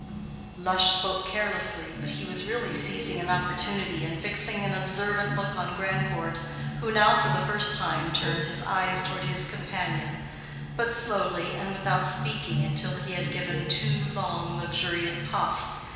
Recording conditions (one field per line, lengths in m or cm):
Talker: one person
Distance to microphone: 1.7 m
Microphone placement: close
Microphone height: 1.0 m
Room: very reverberant, large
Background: music